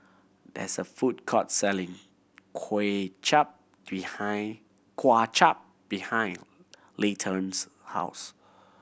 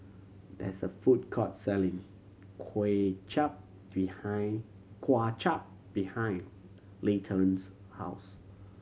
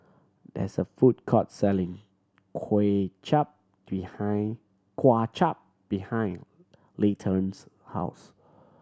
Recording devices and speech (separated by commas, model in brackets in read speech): boundary microphone (BM630), mobile phone (Samsung C7100), standing microphone (AKG C214), read sentence